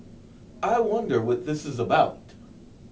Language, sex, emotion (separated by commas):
English, male, fearful